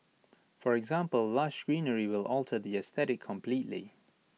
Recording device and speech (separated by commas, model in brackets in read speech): mobile phone (iPhone 6), read sentence